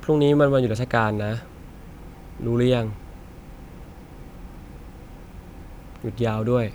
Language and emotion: Thai, sad